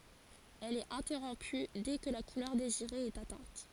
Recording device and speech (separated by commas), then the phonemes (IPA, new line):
forehead accelerometer, read sentence
ɛl ɛt ɛ̃tɛʁɔ̃py dɛ kə la kulœʁ deziʁe ɛt atɛ̃t